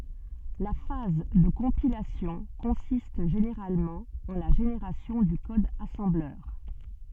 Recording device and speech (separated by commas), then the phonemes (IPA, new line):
soft in-ear microphone, read sentence
la faz də kɔ̃pilasjɔ̃ kɔ̃sist ʒeneʁalmɑ̃ ɑ̃ la ʒeneʁasjɔ̃ dy kɔd asɑ̃blœʁ